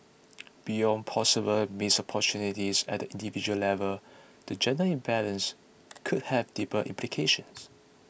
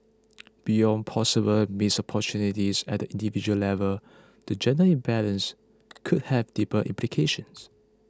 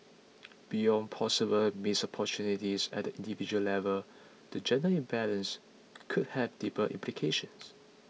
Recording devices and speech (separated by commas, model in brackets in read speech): boundary microphone (BM630), close-talking microphone (WH20), mobile phone (iPhone 6), read sentence